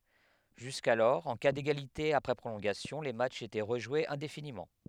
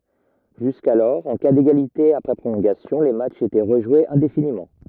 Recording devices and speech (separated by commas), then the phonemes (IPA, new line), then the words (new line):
headset microphone, rigid in-ear microphone, read sentence
ʒyskalɔʁ ɑ̃ ka deɡalite apʁɛ pʁolɔ̃ɡasjɔ̃ le matʃz etɛ ʁəʒwez ɛ̃definimɑ̃
Jusqu'alors, en cas d'égalité après prolongations, les matchs étaient rejoués indéfiniment.